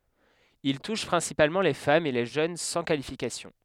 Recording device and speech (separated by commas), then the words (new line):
headset microphone, read sentence
Il touche principalement les femmes et les jeunes sans qualification.